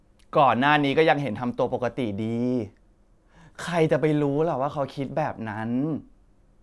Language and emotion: Thai, frustrated